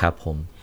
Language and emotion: Thai, neutral